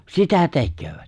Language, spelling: Finnish, sitä tekevät
- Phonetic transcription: sitä 'tekköövᴀ̈t .

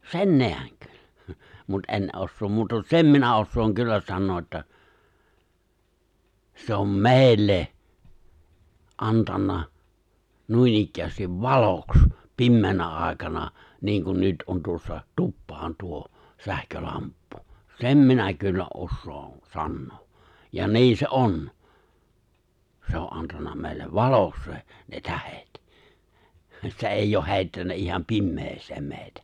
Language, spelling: Finnish, sen näen - mutta en osaa muuta sen minä osaan kyllä sanoa että se on meille antanut noinikään valoksi pimeänä aikana niin kuin nyt on tuossa tupaan tuo sähkölamppu sen minä kyllä osaan sanoa ja niin se on se on antanut meille valoksi se ne tähdet se ei ole heittänyt ihan pimeään meitä
- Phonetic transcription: sen 'neäŋ kyl- , mut '’en ’ossoom 'muu(ta) "sem minä ossooŋ 'kyllä 'sannoo’ ’että , 'se ‿om "me̬e̬ⁱlle , 'antanna , 'nuinikkäästiv "valoks , 'pimmeenä ài̬kana , ni̬iŋkun 'nyt ’on tuossa , 'tuppaan 'tuo , 'sähkölamppᴜ , "sem minä kyllä '’ossoon̬ 'sannoo , ja 'ni̬i̬n̬ se "’on , 'se ‿o’ ’antanna mèi̬lle "valoks se , ne 'tähet , se '’eijj ‿ooh 'hè̬i̬ttännä 'iham "pimmes̀eem 'mè̬i̬tä .

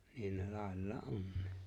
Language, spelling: Finnish, niin ne laillaan onkin
- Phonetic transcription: 'niin ne 'làellaa’ "’onnii .

